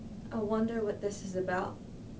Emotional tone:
fearful